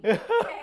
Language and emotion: Thai, happy